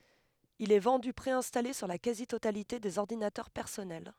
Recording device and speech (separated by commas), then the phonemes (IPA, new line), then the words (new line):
headset microphone, read sentence
il ɛ vɑ̃dy pʁeɛ̃stale syʁ la kazi totalite dez ɔʁdinatœʁ pɛʁsɔnɛl
Il est vendu préinstallé sur la quasi-totalité des ordinateurs personnels.